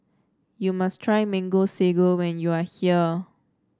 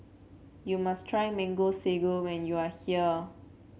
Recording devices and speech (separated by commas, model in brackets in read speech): standing microphone (AKG C214), mobile phone (Samsung C7), read sentence